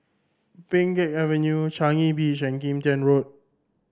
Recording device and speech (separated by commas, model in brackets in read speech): standing microphone (AKG C214), read sentence